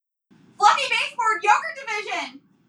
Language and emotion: English, happy